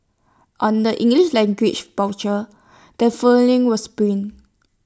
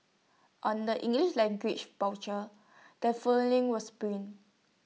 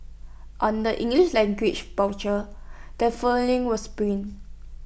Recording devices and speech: standing microphone (AKG C214), mobile phone (iPhone 6), boundary microphone (BM630), read sentence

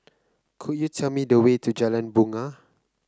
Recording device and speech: close-talking microphone (WH30), read sentence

